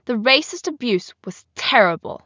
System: none